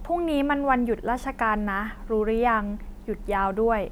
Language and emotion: Thai, neutral